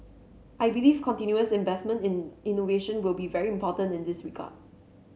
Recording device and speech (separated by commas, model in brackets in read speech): mobile phone (Samsung C7), read sentence